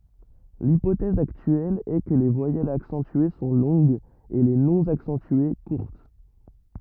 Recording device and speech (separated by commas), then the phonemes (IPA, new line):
rigid in-ear microphone, read sentence
lipotɛz aktyɛl ɛ kə le vwajɛlz aksɑ̃tye sɔ̃ lɔ̃ɡz e le nɔ̃ aksɑ̃tye kuʁt